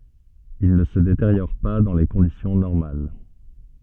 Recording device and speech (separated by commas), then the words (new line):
soft in-ear microphone, read sentence
Il ne se détériore pas dans les conditions normales.